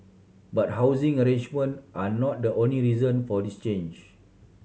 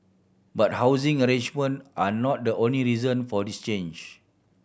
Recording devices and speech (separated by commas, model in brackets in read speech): mobile phone (Samsung C7100), boundary microphone (BM630), read sentence